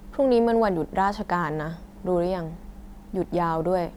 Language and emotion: Thai, frustrated